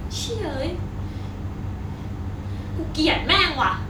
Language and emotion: Thai, angry